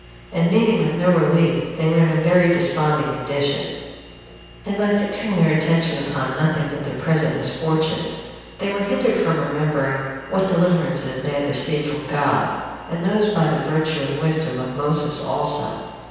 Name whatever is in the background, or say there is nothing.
Nothing.